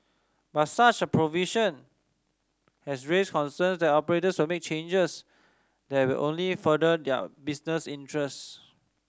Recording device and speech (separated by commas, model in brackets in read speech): standing microphone (AKG C214), read sentence